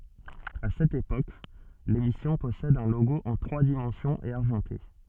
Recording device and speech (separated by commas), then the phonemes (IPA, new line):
soft in-ear microphone, read sentence
a sɛt epok lemisjɔ̃ pɔsɛd œ̃ loɡo ɑ̃ tʁwa dimɑ̃sjɔ̃z e aʁʒɑ̃te